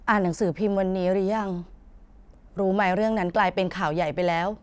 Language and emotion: Thai, neutral